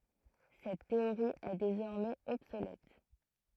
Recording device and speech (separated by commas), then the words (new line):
throat microphone, read sentence
Cette théorie est désormais obsolète.